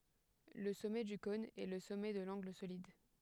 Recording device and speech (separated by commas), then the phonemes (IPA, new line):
headset microphone, read sentence
lə sɔmɛ dy kɔ̃n ɛ lə sɔmɛ də lɑ̃ɡl solid